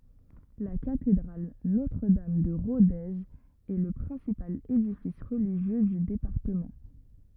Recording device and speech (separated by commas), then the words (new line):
rigid in-ear microphone, read sentence
La cathédrale Notre-Dame de Rodez est le principal édifice religieux du département.